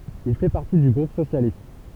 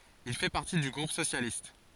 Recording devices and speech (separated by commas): temple vibration pickup, forehead accelerometer, read sentence